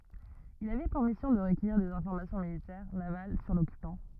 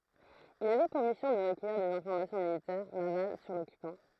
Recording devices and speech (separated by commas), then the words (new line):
rigid in-ear microphone, throat microphone, read sentence
Il avait pour mission de recueillir des informations militaires, navales sur l'occupant.